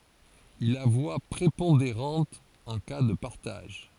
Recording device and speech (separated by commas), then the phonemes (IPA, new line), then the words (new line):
forehead accelerometer, read sentence
il a vwa pʁepɔ̃deʁɑ̃t ɑ̃ ka də paʁtaʒ
Il a voix prépondérante en cas de partage.